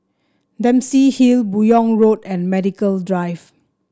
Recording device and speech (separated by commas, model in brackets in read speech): standing microphone (AKG C214), read sentence